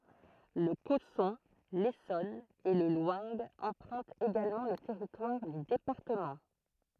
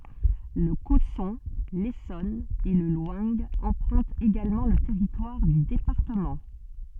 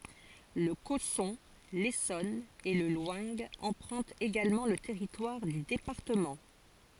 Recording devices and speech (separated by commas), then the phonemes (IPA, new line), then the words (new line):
throat microphone, soft in-ear microphone, forehead accelerometer, read sentence
lə kɔsɔ̃ lesɔn e lə lwɛ̃ ɑ̃pʁœ̃tt eɡalmɑ̃ lə tɛʁitwaʁ dy depaʁtəmɑ̃
Le Cosson, l'Essonne et le Loing empruntent également le territoire du département.